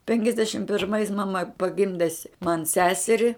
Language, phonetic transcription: Lithuanian, penkiasˈdešim pirˈmais maˈma paˈgimde s' man ˈseseri

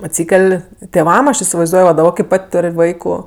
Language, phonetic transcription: Lithuanian, atˈsykel' tėˈvam ˈaš isivaizˈduoj va daˈba kai ˈpat' ˈtor' ˈvaiku

